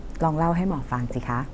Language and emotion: Thai, neutral